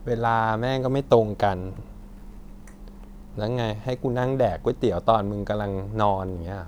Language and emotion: Thai, frustrated